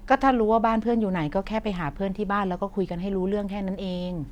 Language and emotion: Thai, neutral